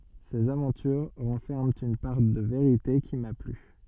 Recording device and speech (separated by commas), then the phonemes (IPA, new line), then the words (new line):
soft in-ear microphone, read sentence
sez avɑ̃tyʁ ʁɑ̃fɛʁmɑ̃ yn paʁ də veʁite ki ma ply
Ces aventures renferment une part de vérité qui m'a plu.